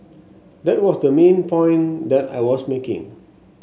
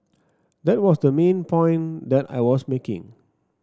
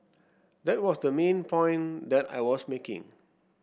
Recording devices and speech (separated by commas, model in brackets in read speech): mobile phone (Samsung S8), standing microphone (AKG C214), boundary microphone (BM630), read sentence